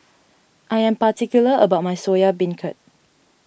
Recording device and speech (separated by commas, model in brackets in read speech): boundary microphone (BM630), read sentence